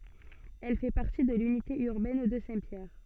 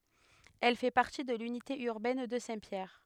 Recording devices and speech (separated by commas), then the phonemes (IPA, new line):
soft in-ear microphone, headset microphone, read sentence
ɛl fɛ paʁti də lynite yʁbɛn də sɛ̃tpjɛʁ